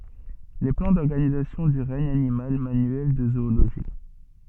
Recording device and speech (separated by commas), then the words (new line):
soft in-ear microphone, read sentence
Les plans d’organisation du regne animal, manuel de zoologie.